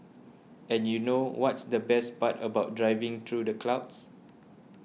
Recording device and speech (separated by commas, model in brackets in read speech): mobile phone (iPhone 6), read sentence